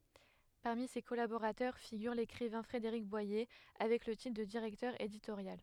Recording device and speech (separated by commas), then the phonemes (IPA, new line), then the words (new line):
headset microphone, read sentence
paʁmi se kɔlaboʁatœʁ fiɡyʁ lekʁivɛ̃ fʁedeʁik bwaje avɛk lə titʁ də diʁɛktœʁ editoʁjal
Parmi ses collaborateurs figure l'écrivain Frédéric Boyer, avec le titre de directeur éditorial.